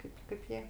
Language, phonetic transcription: Lithuanian, ˈkaip kaip ˈjie

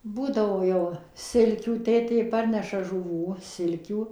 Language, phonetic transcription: Lithuanian, ˈbūdavo jau ˈsilkių ˈtėtė ˈparneša žuˈvų ˈsilkių

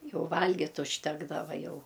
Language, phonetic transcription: Lithuanian, ˈjau ˈvalgit' užˈtekdava ˈjau

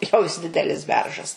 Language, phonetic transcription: Lithuanian, jau jis ˈdidelis ˈberžas

